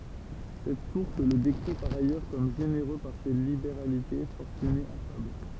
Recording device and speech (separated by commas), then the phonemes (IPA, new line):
temple vibration pickup, read sentence
sɛt suʁs lə dekʁi paʁ ajœʁ kɔm ʒeneʁø paʁ se libeʁalite fɔʁtyne afabl